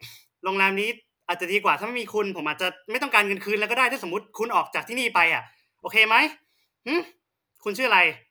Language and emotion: Thai, angry